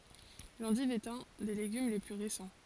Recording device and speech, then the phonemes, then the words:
forehead accelerometer, read sentence
lɑ̃div ɛt œ̃ de leɡym le ply ʁesɑ̃
L'endive est un des légumes les plus récents.

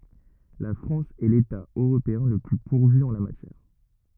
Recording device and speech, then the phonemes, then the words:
rigid in-ear microphone, read sentence
la fʁɑ̃s ɛ leta øʁopeɛ̃ lə ply puʁvy ɑ̃ la matjɛʁ
La France est l'État européen le plus pourvu en la matière.

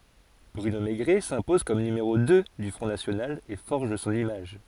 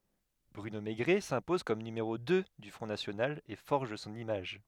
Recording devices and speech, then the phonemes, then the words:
forehead accelerometer, headset microphone, read sentence
bʁyno meɡʁɛ sɛ̃pɔz kɔm nymeʁo dø dy fʁɔ̃ nasjonal e fɔʁʒ sɔ̃n imaʒ
Bruno Mégret s'impose comme numéro deux du Front national et forge son image.

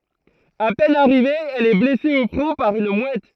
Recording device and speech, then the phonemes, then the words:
throat microphone, read sentence
a pɛn aʁive ɛl ɛ blɛse o fʁɔ̃ paʁ yn mwɛt
À peine arrivée, elle est blessée au front par une mouette.

